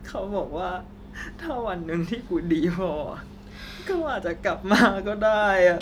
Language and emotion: Thai, sad